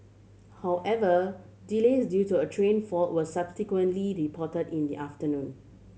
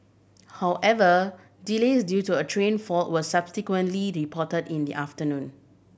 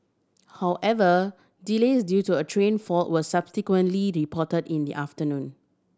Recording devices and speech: mobile phone (Samsung C7100), boundary microphone (BM630), standing microphone (AKG C214), read sentence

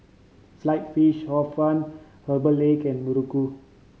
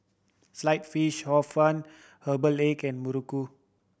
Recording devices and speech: mobile phone (Samsung C5010), boundary microphone (BM630), read sentence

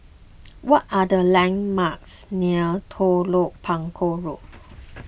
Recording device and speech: boundary microphone (BM630), read sentence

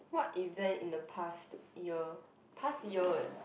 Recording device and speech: boundary microphone, conversation in the same room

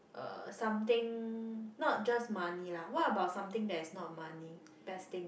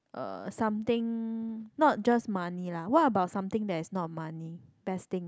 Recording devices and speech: boundary microphone, close-talking microphone, conversation in the same room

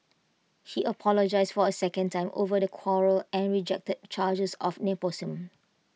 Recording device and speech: mobile phone (iPhone 6), read sentence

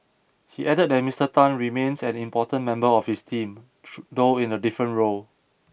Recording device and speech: boundary microphone (BM630), read sentence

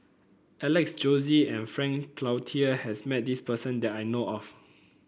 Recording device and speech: boundary microphone (BM630), read sentence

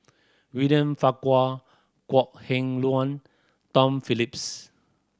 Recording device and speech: standing microphone (AKG C214), read sentence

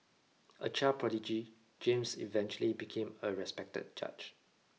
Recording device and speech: mobile phone (iPhone 6), read sentence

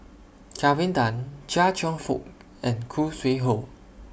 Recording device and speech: boundary microphone (BM630), read sentence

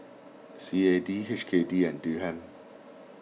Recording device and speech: mobile phone (iPhone 6), read sentence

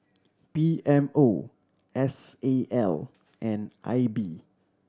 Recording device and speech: standing microphone (AKG C214), read sentence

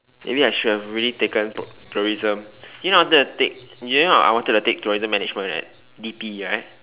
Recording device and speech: telephone, conversation in separate rooms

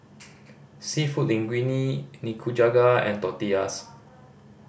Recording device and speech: boundary microphone (BM630), read sentence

